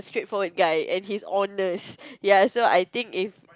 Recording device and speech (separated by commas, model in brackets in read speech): close-talking microphone, conversation in the same room